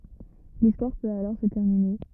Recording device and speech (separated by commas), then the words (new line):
rigid in-ear microphone, read sentence
L'histoire peut alors se terminer.